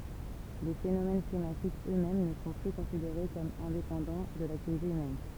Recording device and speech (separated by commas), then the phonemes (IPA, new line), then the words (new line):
temple vibration pickup, read sentence
le fenomɛn klimatikz ø mɛm nə sɔ̃ ply kɔ̃sideʁe kɔm ɛ̃depɑ̃dɑ̃ də laktivite ymɛn
Les phénomènes climatiques eux-mêmes ne sont plus considérés comme indépendants de l'activité humaine.